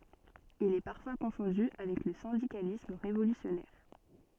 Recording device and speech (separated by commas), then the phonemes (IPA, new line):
soft in-ear microphone, read sentence
il ɛ paʁfwa kɔ̃fɔ̃dy avɛk lə sɛ̃dikalism ʁevolysjɔnɛʁ